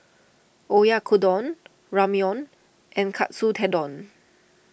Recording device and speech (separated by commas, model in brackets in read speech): boundary microphone (BM630), read sentence